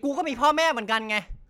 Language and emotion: Thai, angry